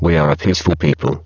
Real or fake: fake